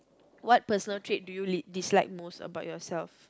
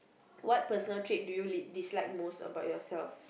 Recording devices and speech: close-talking microphone, boundary microphone, conversation in the same room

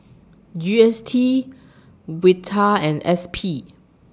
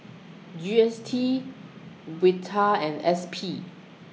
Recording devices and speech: standing microphone (AKG C214), mobile phone (iPhone 6), read sentence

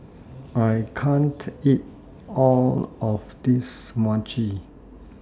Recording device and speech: standing microphone (AKG C214), read sentence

